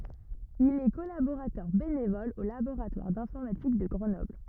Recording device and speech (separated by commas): rigid in-ear microphone, read sentence